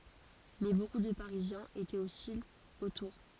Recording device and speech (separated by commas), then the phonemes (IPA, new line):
forehead accelerometer, read sentence
mɛ boku də paʁizjɛ̃z etɛt ɔstilz o tuʁ